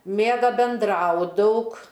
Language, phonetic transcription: Lithuanian, ˈmėga benˈdrau ˈdaug

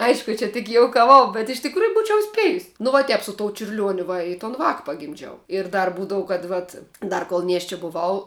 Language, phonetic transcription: Lithuanian, ˈaišku ˈčia tik joukaˈvau bet iš tikˈrųju ˈbūčiau ˈspejus nu va ˈtep su tou čiurˈliuoniu ˈva i ton ˈvāk pagimˈdžiau ir ˈdar ˈbūdavu kad ˈvat ˈdar kol ˈnieščia buˈvau

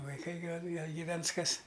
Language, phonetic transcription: Lithuanian, vaiˈkai ˈgal ˈgal gyˈvens ˈkas

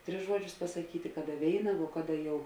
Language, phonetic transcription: Lithuanian, ˈtris ˈžuoˌdžius pasaˈkyti ˈkaˌda ˈvėina vo ˈkaˌda jau

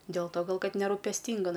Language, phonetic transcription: Lithuanian, dėl to ˈgal ˈkad nerūpesˈtynga

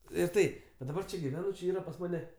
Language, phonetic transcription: Lithuanian, ir ˈtai va daˈbar čia giˈvenu čia ˈyra pas ˈmane

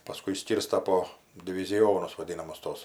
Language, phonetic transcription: Lithuanian, paˈskui išˈskyrsta po diviziˈjonus vaˈdynamus ˈtuos

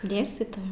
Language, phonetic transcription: Lithuanian, ˈdėstytoja

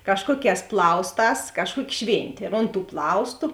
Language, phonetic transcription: Lithuanian, ˈkažkuoˌkēs ˈplausˌtās ˈkažˌkuoki ˈšvėntė ir ont tų ˈplaustu

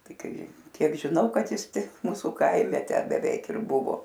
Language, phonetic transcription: Lithuanian, ˈtai ˈkai ˈkiek žiˈnau kad ˈjis ˈtik ˈmūsu ˈkaime ˈtę beˈveik ir ˈbuvo

